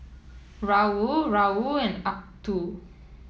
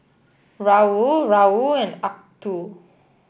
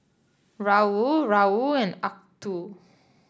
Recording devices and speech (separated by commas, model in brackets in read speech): mobile phone (iPhone 7), boundary microphone (BM630), standing microphone (AKG C214), read sentence